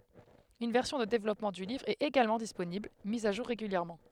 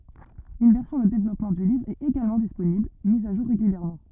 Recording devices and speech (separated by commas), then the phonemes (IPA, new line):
headset microphone, rigid in-ear microphone, read sentence
yn vɛʁsjɔ̃ də devlɔpmɑ̃ dy livʁ ɛt eɡalmɑ̃ disponibl miz a ʒuʁ ʁeɡyljɛʁmɑ̃